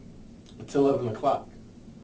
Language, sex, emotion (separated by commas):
English, male, neutral